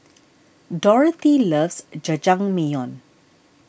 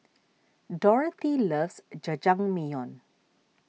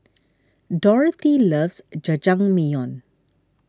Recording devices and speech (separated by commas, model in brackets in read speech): boundary microphone (BM630), mobile phone (iPhone 6), standing microphone (AKG C214), read sentence